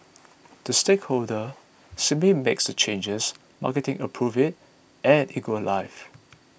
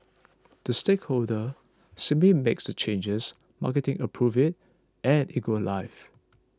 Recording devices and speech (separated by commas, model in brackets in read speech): boundary microphone (BM630), close-talking microphone (WH20), read sentence